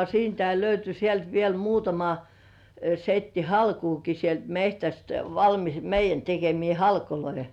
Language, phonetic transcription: Finnish, siintäi löyty sielt viel , 'muutama , 'setti "halkuuki sielt 'mehtäst valmis , meij̆jän tekemii "halkoloi .
- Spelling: siitäkin löytyi sieltä vielä muutama setti halkoakin sieltä metsästä valmis meidän tekemiä halkoja

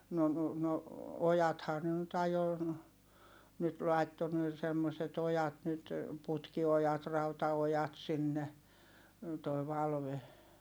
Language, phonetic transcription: Finnish, no , no , ojathaa ne nyt ajo , nyt lai̮tto ne semmoset ‿ojat nyt , putki₍ojat rauta₍ojat sinne , toi̮ Valve .
- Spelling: no no ojathan ne nyt ajoi nyt laittoi ne semmoiset ojat nyt putkiojat rautaojat sinne tuo Valve

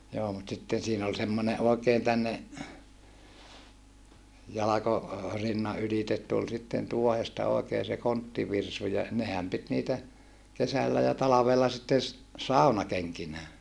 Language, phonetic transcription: Finnish, joo mut sitten siin ‿ol semmone ʼòekeen tänne , jalako- , -rinna ylitet tul sitten tuohesta òekee se konttivirsu ja , nehäm pit niitä , kesällä ja talavella sitten̬ ‿s- , sàunakeŋkinää .
- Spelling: joo mutta sitten siinä oli semmoinen oikein tänne - jalkorinnan ylitse tuli sitten tuohesta oikein se konttivirsu ja nehän piti niitä kesällä ja talvella sitten - saunakenkinään

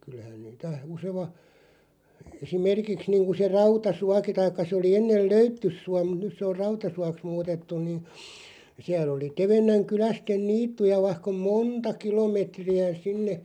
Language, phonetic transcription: Finnish, 'kyl̆lähän niitä 'useva , 'esi"merkiks niiŋku se 'Rauta"suaki 'taikka sᵉ oli 'ennel "Löyttys̆sua muᵗ 'nys se or "Rautasuaks 'muutettuⁿ niin̬ , 'siäl ‿oli 'Tevennäŋ 'kylästen "niittuja 'vaihk ‿om "moonta 'kilomètri₍ä 'sinne ,.
- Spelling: kyllähän niitä usein esimerkiksi niin kuin se Rautasuokin tai se oli ennen Löyttysuo mutta nyt se on Rautasuoksi muutettu niin siellä oli Tevennän kyläisten niittyjä vaikka on monta kilometriä sinne

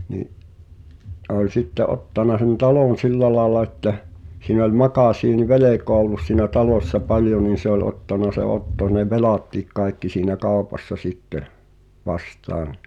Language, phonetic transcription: Finnish, ni’ , ’[s]e ‿oĺ 'sitte '’ottana sen "talòn̬ 'sillä laaᵉla ettäʰ , siin ‿oĺ 'makàsiinⁱ"velekoa ollus siinä 'talòssa 'paljo nin̬ se ‿oĺ 'ottana se 'Otto ne "velàt̀iik 'kai̬kki siinä "kàopassa 'sitteh , 'vastaan ,.
- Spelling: niin se oli sitten ottanut sen talon sillä lailla että siinä oli makasiinivelkaa ollut siinä talossa paljon niin se oli ottanut se Otto ne velatkin kaikki siinä kaupassa sitten vastaan

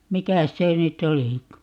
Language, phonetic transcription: Finnish, "mikäs 'se nyt"t̆ ‿olika ?
- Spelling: mikäs se nyt olikaan

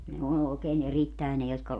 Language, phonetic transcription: Finnish, ne 'on òekeen 'erittäe ne jotka ,.
- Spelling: ne on oikein erittäin ne jotka

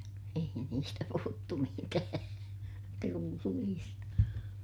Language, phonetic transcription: Finnish, ei niistä puhuttu mitää , trulliista .
- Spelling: ei niistä puhuttu mitään trulleista

